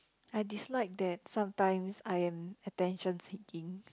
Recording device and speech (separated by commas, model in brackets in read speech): close-talking microphone, conversation in the same room